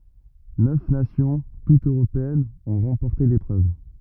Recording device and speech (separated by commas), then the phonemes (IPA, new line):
rigid in-ear microphone, read sentence
nœf nasjɔ̃ tutz øʁopeɛnz ɔ̃ ʁɑ̃pɔʁte lepʁøv